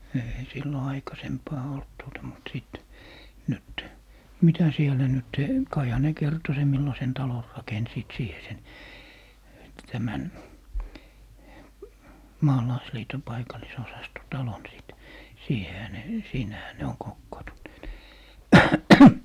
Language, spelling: Finnish, ei silloin aikaisempaan ollut tuota mutta sitten nyt mitä siellä nyt kaihan ne kertoi sen millaisen talon rakensivat siihen sen tämän maalaisliiton paikallisosaston talon sitten siihenhän ne siinähän ne on kokoontuneet
- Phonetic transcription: ei 'sillo 'aikasempaa olt tuota mut 'sìt , 'nyt , "mitä 'sielä 'nyt , 'kaiha ne 'kerto sem 'millasen "talon 'rakensiit 'siihe 'sen , 'tämän , "maalaisliito 'paikallisosasto 'talon sìt , 'siihehä ne , 'siinähä ne "oŋ 'kokkoontunneet .

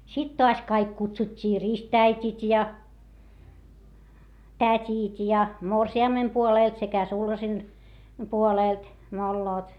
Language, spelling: Finnish, sitten taas kaikki kutsuttiin ristiäidit ja tädit ja morsiamen puolelta sekä sulhasen puolelta molemmat
- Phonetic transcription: sit toas kaik kutsut́t́ii rist́₍äit́it ja , tät́it ja , morsi₍ammem puolèlt sekä sulhasen , puolèlt , molloot .

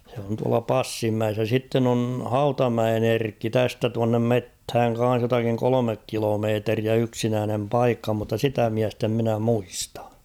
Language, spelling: Finnish, se on tuolla Passinmäessä ja sitten on Hautamäen Erkki tästä tuonne metsään kanssa jotakin kolme kilometriä yksinäinen paikka mutta sitä miestä en minä muista
- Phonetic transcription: se on tuala "Passimmäes ja 'sitten ‿on̳ "Hautamäen ‿'Erkki 'tästä tuannem "methäŋ kan̬s jotakiŋ "kolomek 'kilomeeteriä 'yksinäänem "paikka mutta "sitä 'miäst ‿em mᵎnä 'muistᴀ .

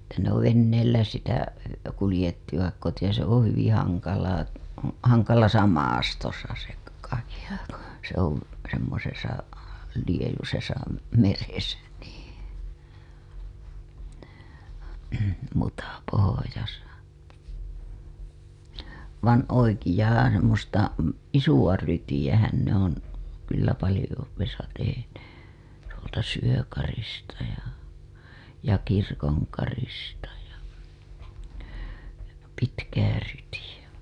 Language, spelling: Finnish, että ne on veneillä sitä kuljettivat kotia se on hyvin hankalaa hankalassa maastossa se kahila kun se on semmoisessa liejuisessa meressä niin mutapohjassa vaan oikeaa - semmoista isoa rytiähän ne on kyllä paljoudessa tehneet tuolta Syökarista ja ja Kirkonkarista ja pitkää ryytiä
- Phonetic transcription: että ne ‿ov venneillä sitä , kulĭjettivak kotija , se ‿oo̰ hyviḭ 'haŋkalaa , haŋkalasa 'maastosa se , kahila ku se ‿ov§ , semmosesa , liejusesa , meresä , NII , mutapohojasa , van 'oikijaa r- , semmosta , "isuWa 'rytijähän ne ‿on̬ , kyllä 'palĭjouwesa tehenee , tuolta 'Syökarista ja , ja Kirkoŋkarista ja , 'pitkää ryytiʲä .

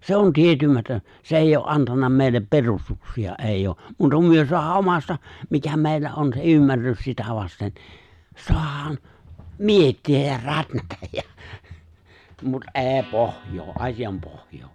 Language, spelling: Finnish, se on tietymätön se ei ole antanut meille perustuksia ei ole muuta kuin me saadaan omasta mikä meillä on se ymmärrys sitä vasten saadaan miettiä ja rätnätä ja mutta ei pohjaa asian pohjaa
- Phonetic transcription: 'se̬ on 'tìetymätön̬ , 's ‿èìjj ‿o’ '’antanna mèillep 'perustuksi₍a '’èìjj ‿o , 'muuta kum myö soahaa '’omasta , 'mikä 'mèillä on se '’ymmärrys sitä vasten , 'soahaan , "mietti₍äj jä "rätnätäj jä , mut "’e̬e̬ⁱ "pohjoo , '’asijam 'pohjoo .

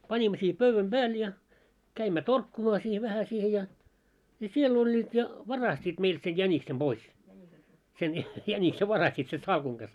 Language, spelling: Finnish, panimme siihen pöydän päälle ja kävimme torkkumaan siihen vähän siihen ja ja siellä olivat ja varastivat meiltä sen jäniksen pois sen jäniksen varastivat sen salkun kanssa
- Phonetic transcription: 'pańimmo siihᵉ 'pövväm "ʙääl ja , 'käimmä "torkkumaa siih 'vähä siihe ja , ja 'siel ‿oĺĺiit ja , "varastiit 'meilt sej 'jäniksem 'ʙois , sen 'jänikse 'varastit sen 'salkuŋ ɢas .

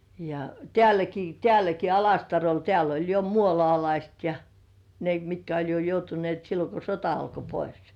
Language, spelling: Finnish, ja täälläkin täälläkin Alastarolla täällä oli jo muolaalaiset ja ne mitkä oli jo joutuneet silloin kun sota alkoi pois
- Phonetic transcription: ja , "tĕä̀läki "tĕä̀läki 'Alastarol 'teäl ‿oĺ jo "muolŏàlaist ja , "ne mitkä oĺ jo 'joutunĭèt sillo ko "sota alko 'pois .

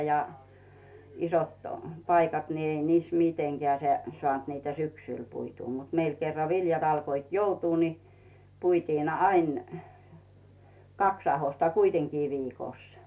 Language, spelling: Finnish, ja isot paikat niin ei niissä mitenkään se saanut niitä syksyllä puitua mutta meillä kerran viljat alkoivat joutua niin puitiin aina kaksi ahdosta kuitenkin viikossa
- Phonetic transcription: ja , isot , 'paikat ni 'ei niis 'miteŋGeä̀ se , 'soànt niitä "syksỳl 'puituu mut meil kerra 'viljat alkoit "joutuu ni , puitiin 'ain , 'kaks ahosta "kuiteŋkii 'viikòs .

